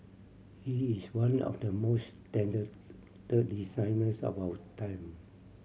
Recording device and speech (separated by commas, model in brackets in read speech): mobile phone (Samsung C7100), read sentence